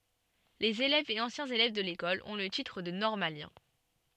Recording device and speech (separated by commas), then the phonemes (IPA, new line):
soft in-ear microphone, read sentence
lez elɛvz e ɑ̃sjɛ̃z elɛv də lekɔl ɔ̃ lə titʁ də nɔʁmaljɛ̃